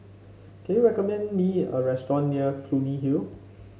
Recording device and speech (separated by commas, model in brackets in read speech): mobile phone (Samsung C5), read sentence